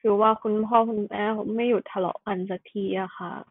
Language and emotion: Thai, frustrated